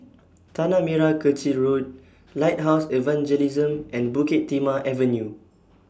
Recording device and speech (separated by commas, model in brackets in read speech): standing microphone (AKG C214), read sentence